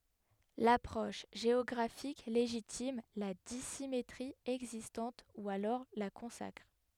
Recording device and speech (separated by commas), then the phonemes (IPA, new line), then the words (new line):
headset microphone, read sentence
lapʁɔʃ ʒeɔɡʁafik leʒitim la disimetʁi ɛɡzistɑ̃t u alɔʁ la kɔ̃sakʁ
L'approche géographique légitime, la dissymétrie existante ou alors la consacre.